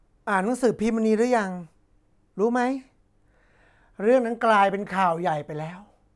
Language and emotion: Thai, frustrated